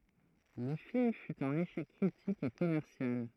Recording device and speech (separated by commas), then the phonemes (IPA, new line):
throat microphone, read sentence
lə film fy œ̃n eʃɛk kʁitik e kɔmɛʁsjal